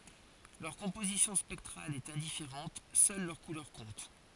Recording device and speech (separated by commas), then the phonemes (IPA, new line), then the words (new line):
forehead accelerometer, read sentence
lœʁ kɔ̃pozisjɔ̃ spɛktʁal ɛt ɛ̃difeʁɑ̃t sœl lœʁ kulœʁ kɔ̃t
Leur composition spectrale est indifférente, seule leur couleur compte.